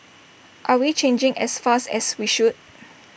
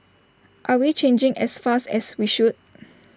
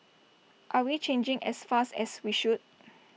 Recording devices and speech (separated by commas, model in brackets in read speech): boundary microphone (BM630), standing microphone (AKG C214), mobile phone (iPhone 6), read sentence